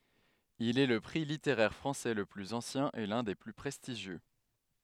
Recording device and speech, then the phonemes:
headset microphone, read sentence
il ɛ lə pʁi liteʁɛʁ fʁɑ̃sɛ lə plyz ɑ̃sjɛ̃ e lœ̃ de ply pʁɛstiʒjø

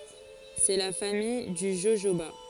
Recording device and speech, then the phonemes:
forehead accelerometer, read sentence
sɛ la famij dy ʒoʒoba

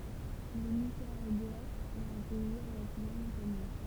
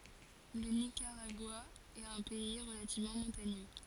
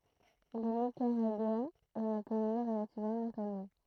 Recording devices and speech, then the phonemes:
temple vibration pickup, forehead accelerometer, throat microphone, read sentence
lə nikaʁaɡwa ɛt œ̃ pɛi ʁəlativmɑ̃ mɔ̃taɲø

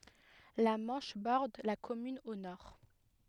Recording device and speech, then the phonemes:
headset microphone, read sentence
la mɑ̃ʃ bɔʁd la kɔmyn o nɔʁ

